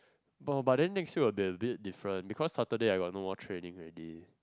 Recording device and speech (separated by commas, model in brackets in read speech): close-talking microphone, conversation in the same room